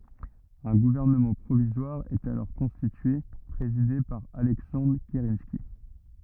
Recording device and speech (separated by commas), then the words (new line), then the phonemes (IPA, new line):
rigid in-ear microphone, read sentence
Un gouvernement provisoire est alors constitué, présidé par Alexandre Kerensky.
œ̃ ɡuvɛʁnəmɑ̃ pʁovizwaʁ ɛt alɔʁ kɔ̃stitye pʁezide paʁ alɛksɑ̃dʁ kəʁɑ̃ski